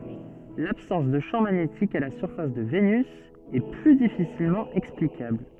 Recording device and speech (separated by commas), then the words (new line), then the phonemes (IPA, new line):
soft in-ear microphone, read sentence
L'absence de champ magnétique à la surface de Vénus est plus difficilement explicable.
labsɑ̃s də ʃɑ̃ maɲetik a la syʁfas də venys ɛ ply difisilmɑ̃ ɛksplikabl